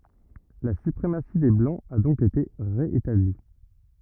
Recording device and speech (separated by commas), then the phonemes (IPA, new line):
rigid in-ear microphone, read sentence
la sypʁemasi de blɑ̃z a dɔ̃k ete ʁe etabli